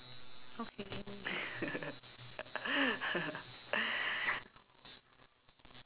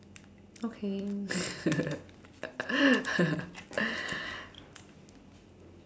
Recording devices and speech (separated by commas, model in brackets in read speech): telephone, standing microphone, conversation in separate rooms